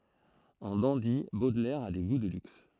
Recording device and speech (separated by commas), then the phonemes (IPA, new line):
throat microphone, read sentence
ɑ̃ dɑ̃di bodlɛʁ a de ɡu də lyks